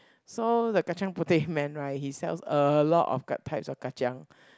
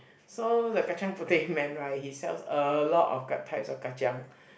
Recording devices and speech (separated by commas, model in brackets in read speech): close-talking microphone, boundary microphone, conversation in the same room